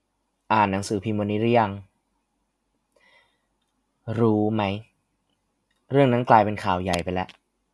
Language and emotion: Thai, frustrated